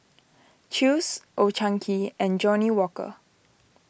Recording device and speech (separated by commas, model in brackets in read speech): boundary microphone (BM630), read sentence